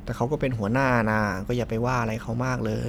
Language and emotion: Thai, neutral